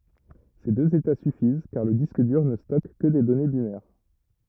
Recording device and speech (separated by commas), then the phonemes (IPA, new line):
rigid in-ear microphone, read sentence
se døz eta syfiz kaʁ lə disk dyʁ nə stɔk kə de dɔne binɛʁ